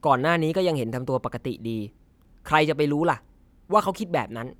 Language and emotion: Thai, frustrated